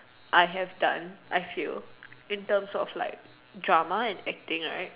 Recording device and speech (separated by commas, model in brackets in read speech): telephone, conversation in separate rooms